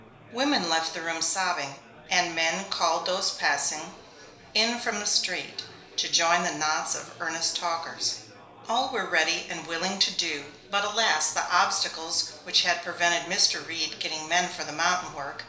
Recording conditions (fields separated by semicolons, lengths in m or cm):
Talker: one person; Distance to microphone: 1.0 m; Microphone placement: close; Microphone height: 1.1 m; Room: small (3.7 m by 2.7 m); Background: babble